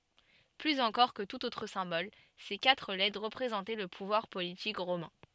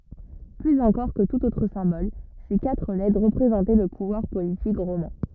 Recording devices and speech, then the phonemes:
soft in-ear microphone, rigid in-ear microphone, read sentence
plyz ɑ̃kɔʁ kə tut otʁ sɛ̃bɔl se katʁ lɛtʁ ʁəpʁezɑ̃tɛ lə puvwaʁ politik ʁomɛ̃

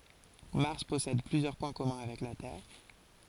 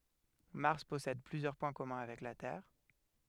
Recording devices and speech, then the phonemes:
forehead accelerometer, headset microphone, read sentence
maʁs pɔsɛd plyzjœʁ pwɛ̃ kɔmœ̃ avɛk la tɛʁ

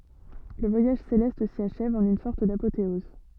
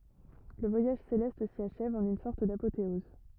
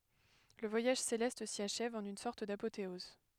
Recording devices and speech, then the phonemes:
soft in-ear microphone, rigid in-ear microphone, headset microphone, read sentence
lə vwajaʒ selɛst si aʃɛv ɑ̃n yn sɔʁt dapoteɔz

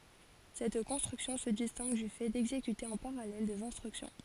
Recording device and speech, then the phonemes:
forehead accelerometer, read sentence
sɛt kɔ̃stʁyksjɔ̃ sə distɛ̃ɡ dy fɛ dɛɡzekyte ɑ̃ paʁalɛl dez ɛ̃stʁyksjɔ̃

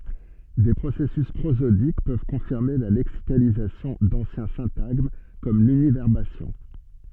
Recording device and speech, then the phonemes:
soft in-ear microphone, read sentence
de pʁosɛsys pʁozodik pøv kɔ̃fiʁme la lɛksikalizasjɔ̃ dɑ̃sjɛ̃ sɛ̃taɡm kɔm lynivɛʁbasjɔ̃

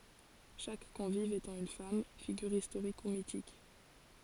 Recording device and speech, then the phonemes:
forehead accelerometer, read sentence
ʃak kɔ̃viv etɑ̃ yn fam fiɡyʁ istoʁik u mitik

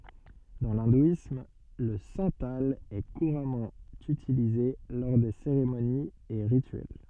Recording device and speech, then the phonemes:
soft in-ear microphone, read sentence
dɑ̃ lɛ̃dwism lə sɑ̃tal ɛ kuʁamɑ̃ ytilize lɔʁ de seʁemoniz e ʁityɛl

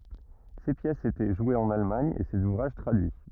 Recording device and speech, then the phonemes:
rigid in-ear microphone, read sentence
se pjɛsz etɛ ʒwez ɑ̃n almaɲ e sez uvʁaʒ tʁadyi

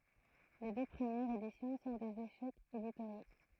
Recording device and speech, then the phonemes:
throat microphone, read sentence
le dø pʁəmjɛʁz edisjɔ̃ sɔ̃ dez eʃɛkz editoʁjo

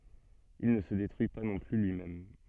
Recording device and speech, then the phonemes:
soft in-ear microphone, read sentence
il nə sə detʁyi pa nɔ̃ ply lyimɛm

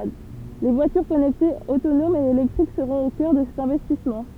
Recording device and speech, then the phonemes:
temple vibration pickup, read sentence
vwatyʁ kɔnɛktez otonomz e elɛktʁik səʁɔ̃t o kœʁ də sɛt ɛ̃vɛstismɑ̃

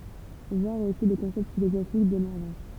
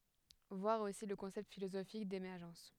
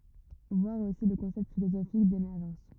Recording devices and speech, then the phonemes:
temple vibration pickup, headset microphone, rigid in-ear microphone, read sentence
vwaʁ osi lə kɔ̃sɛpt filozofik demɛʁʒɑ̃s

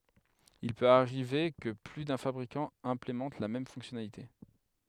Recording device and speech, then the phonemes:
headset microphone, read sentence
il pøt aʁive kə ply dœ̃ fabʁikɑ̃ ɛ̃plemɑ̃t la mɛm fɔ̃ksjɔnalite

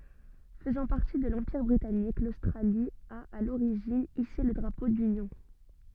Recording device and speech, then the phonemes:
soft in-ear microphone, read sentence
fəzɑ̃ paʁti də lɑ̃piʁ bʁitanik lostʁali a a loʁiʒin ise lə dʁapo dynjɔ̃

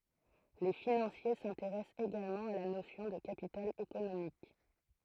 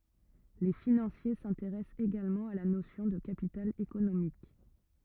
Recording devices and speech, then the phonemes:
throat microphone, rigid in-ear microphone, read sentence
le finɑ̃sje sɛ̃teʁɛst eɡalmɑ̃ a la nosjɔ̃ də kapital ekonomik

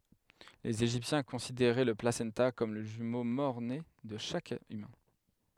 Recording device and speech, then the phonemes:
headset microphone, read sentence
lez eʒiptjɛ̃ kɔ̃sideʁɛ lə plasɑ̃ta kɔm lə ʒymo mɔʁne də ʃak ymɛ̃

